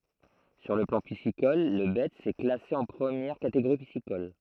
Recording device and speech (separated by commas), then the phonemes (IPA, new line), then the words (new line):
throat microphone, read sentence
syʁ lə plɑ̃ pisikɔl lə bɛts ɛ klase ɑ̃ pʁəmjɛʁ kateɡoʁi pisikɔl
Sur le plan piscicole, le Betz est classé en première catégorie piscicole.